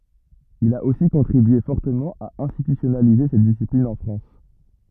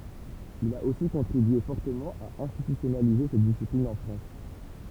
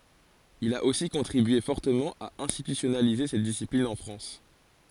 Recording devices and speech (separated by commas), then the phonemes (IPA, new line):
rigid in-ear microphone, temple vibration pickup, forehead accelerometer, read sentence
il a osi kɔ̃tʁibye fɔʁtəmɑ̃ a ɛ̃stitysjɔnalize sɛt disiplin ɑ̃ fʁɑ̃s